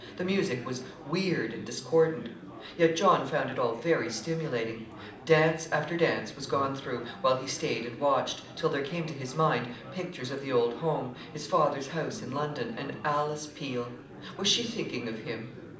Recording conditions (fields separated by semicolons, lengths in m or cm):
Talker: one person; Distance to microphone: 2.0 m; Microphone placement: close; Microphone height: 99 cm; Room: medium-sized (5.7 m by 4.0 m); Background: babble